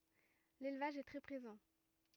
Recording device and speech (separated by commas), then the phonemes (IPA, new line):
rigid in-ear microphone, read sentence
lelvaʒ ɛ tʁɛ pʁezɑ̃